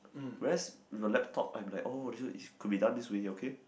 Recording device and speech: boundary microphone, conversation in the same room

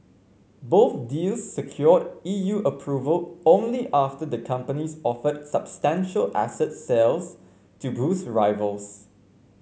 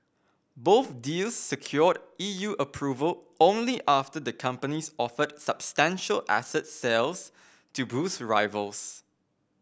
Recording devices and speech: mobile phone (Samsung C5), boundary microphone (BM630), read sentence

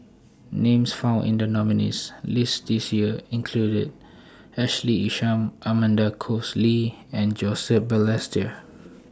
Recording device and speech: standing microphone (AKG C214), read sentence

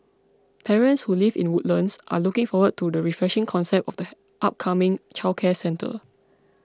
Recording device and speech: close-talking microphone (WH20), read sentence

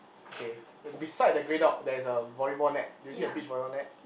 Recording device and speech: boundary microphone, conversation in the same room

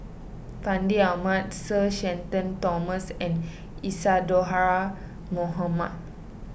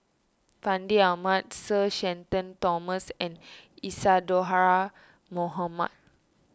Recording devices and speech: boundary microphone (BM630), standing microphone (AKG C214), read sentence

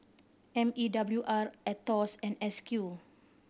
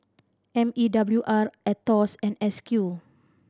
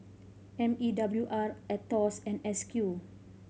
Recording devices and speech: boundary microphone (BM630), standing microphone (AKG C214), mobile phone (Samsung C5010), read sentence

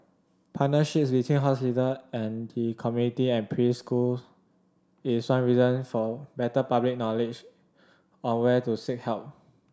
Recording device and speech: standing microphone (AKG C214), read sentence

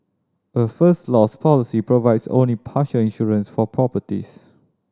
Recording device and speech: standing microphone (AKG C214), read sentence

